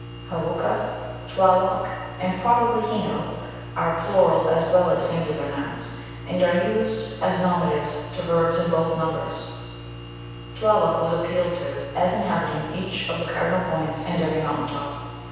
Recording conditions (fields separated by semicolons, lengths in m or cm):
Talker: one person; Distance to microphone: 7.1 m; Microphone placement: far; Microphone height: 1.7 m; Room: very reverberant, large; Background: none